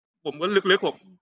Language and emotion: Thai, sad